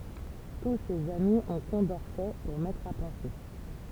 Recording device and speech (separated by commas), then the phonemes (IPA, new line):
temple vibration pickup, read sentence
tu sez ami ɔ̃ kɔ̃dɔʁsɛ puʁ mɛtʁ a pɑ̃se